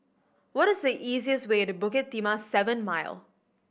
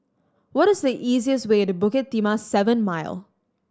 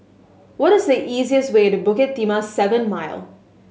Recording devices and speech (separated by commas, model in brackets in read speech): boundary microphone (BM630), standing microphone (AKG C214), mobile phone (Samsung S8), read sentence